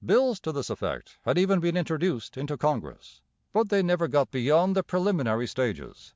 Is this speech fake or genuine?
genuine